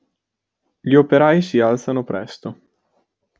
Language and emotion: Italian, neutral